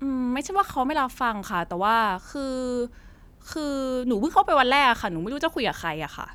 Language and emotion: Thai, frustrated